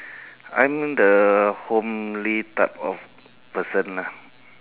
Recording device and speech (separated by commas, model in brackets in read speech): telephone, conversation in separate rooms